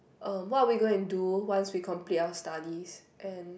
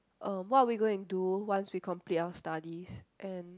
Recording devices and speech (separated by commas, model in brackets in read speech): boundary microphone, close-talking microphone, conversation in the same room